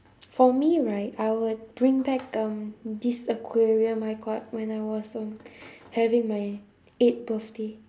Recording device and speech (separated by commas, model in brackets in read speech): standing microphone, conversation in separate rooms